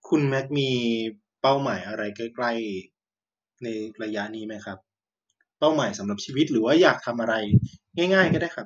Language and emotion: Thai, neutral